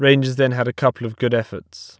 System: none